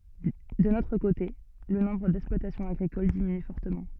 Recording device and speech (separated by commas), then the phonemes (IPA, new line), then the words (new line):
soft in-ear microphone, read sentence
dœ̃n otʁ kote lə nɔ̃bʁ dɛksplwatasjɔ̃z aɡʁikol diminy fɔʁtəmɑ̃
D'un autre côté, le nombre d'exploitations agricoles diminue fortement.